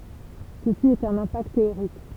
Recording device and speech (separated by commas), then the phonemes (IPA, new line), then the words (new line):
temple vibration pickup, read sentence
səsi ɛt œ̃n ɛ̃pakt teoʁik
Ceci est un impact théorique.